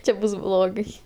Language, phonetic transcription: Lithuanian, ˈčia ˈbus ˈblogai

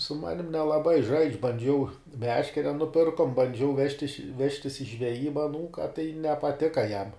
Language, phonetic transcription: Lithuanian, su ˈmanim nelaˈbai žaidž' banˈdžiau ˈmeškere nuˈpirkom banˈdžiau ˈvežtiš ˈvežtis i žveˈjyba aˈnūka tai nepaˈtika jam

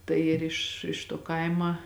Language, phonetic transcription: Lithuanian, ˈtai ir iš iš tuo ˈkaima

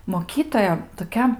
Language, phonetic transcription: Lithuanian, moˈkytoja toˈkia

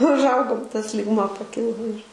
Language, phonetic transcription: Lithuanian, užˈaugom tas lygˈmuo paˈkilo ir

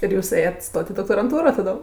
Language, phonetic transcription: Lithuanian, ir ˈjūs ˈėjet' ˈstot' i doktoranˈtūro taˈdom

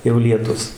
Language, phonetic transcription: Lithuanian, jau lieˈtus

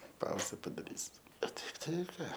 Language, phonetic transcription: Lithuanian, ˈpauze padaˈrysiu o ˈtaip tai ˈką

